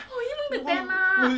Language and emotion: Thai, happy